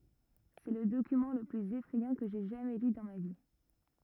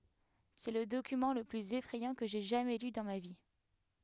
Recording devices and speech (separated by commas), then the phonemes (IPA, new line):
rigid in-ear microphone, headset microphone, read sentence
sɛ lə dokymɑ̃ lə plyz efʁɛjɑ̃ kə ʒɛ ʒamɛ ly dɑ̃ ma vi